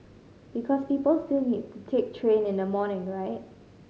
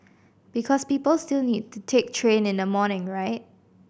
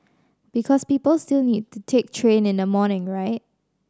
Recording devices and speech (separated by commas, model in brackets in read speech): mobile phone (Samsung C5010), boundary microphone (BM630), standing microphone (AKG C214), read sentence